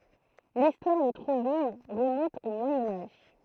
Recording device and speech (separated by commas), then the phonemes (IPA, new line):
throat microphone, read sentence
listwaʁ də tʁuvil ʁəmɔ̃t o mwajɛ̃ aʒ